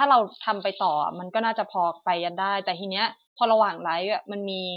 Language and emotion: Thai, neutral